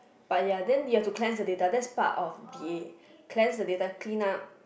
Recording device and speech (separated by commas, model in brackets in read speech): boundary microphone, conversation in the same room